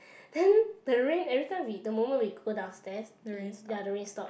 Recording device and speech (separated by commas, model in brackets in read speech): boundary microphone, conversation in the same room